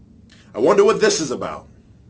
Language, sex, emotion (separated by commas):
English, male, angry